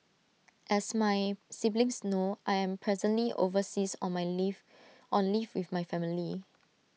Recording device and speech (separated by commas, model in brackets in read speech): mobile phone (iPhone 6), read sentence